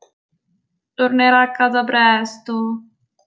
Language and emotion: Italian, sad